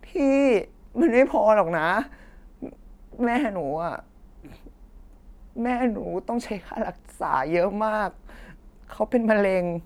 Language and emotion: Thai, sad